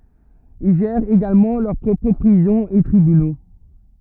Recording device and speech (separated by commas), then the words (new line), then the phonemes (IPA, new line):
rigid in-ear microphone, read sentence
Ils gèrent également leur propres prisons et tribunaux.
il ʒɛʁt eɡalmɑ̃ lœʁ pʁɔpʁ pʁizɔ̃z e tʁibyno